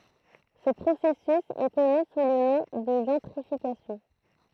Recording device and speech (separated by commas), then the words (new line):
throat microphone, read sentence
Ce processus est connu sous le nom de gentrification.